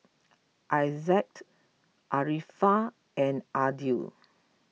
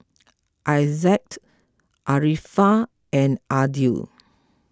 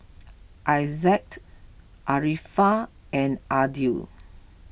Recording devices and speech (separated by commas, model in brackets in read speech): mobile phone (iPhone 6), close-talking microphone (WH20), boundary microphone (BM630), read sentence